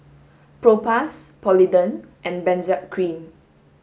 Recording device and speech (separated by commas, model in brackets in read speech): mobile phone (Samsung S8), read sentence